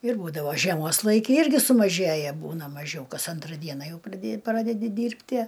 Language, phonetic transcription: Lithuanian, ir ˈbūdavo žieˈmos ˈlaiki ˈirgi sumaˈžėja ˈbūna maˈžiau ˈkas ˈantra ˈdiena ˈjau praˈdė ˈpradedi ˈdyrbtie

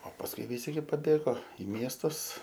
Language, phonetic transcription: Lithuanian, o pasˈkui viˈsi gi paˈbėgo i ˈmiestus

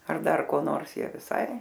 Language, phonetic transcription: Lithuanian, ar ˈdar ko ˈnors ˈjie viˈsai

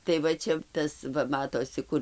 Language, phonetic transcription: Lithuanian, tai ˈva čia ˈtas ˈva ˈmatosi ˈkur'

